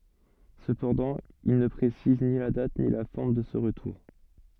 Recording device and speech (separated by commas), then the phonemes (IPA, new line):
soft in-ear microphone, read sentence
səpɑ̃dɑ̃ il nə pʁesiz ni la dat ni la fɔʁm də sə ʁətuʁ